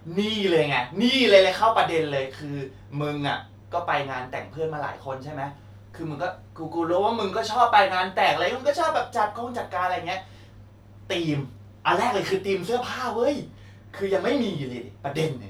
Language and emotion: Thai, happy